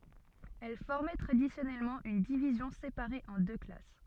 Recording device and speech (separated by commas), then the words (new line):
soft in-ear microphone, read sentence
Elles formaient traditionnellement une division séparée en deux classes.